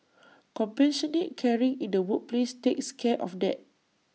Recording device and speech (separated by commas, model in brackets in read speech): mobile phone (iPhone 6), read sentence